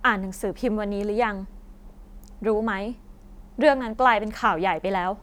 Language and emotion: Thai, frustrated